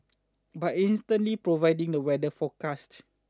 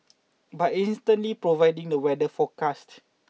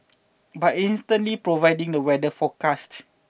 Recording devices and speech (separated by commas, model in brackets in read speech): standing microphone (AKG C214), mobile phone (iPhone 6), boundary microphone (BM630), read sentence